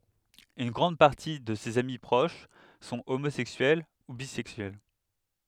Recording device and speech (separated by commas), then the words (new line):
headset microphone, read sentence
Une grande partie de ses amis proches sont homosexuels ou bisexuels.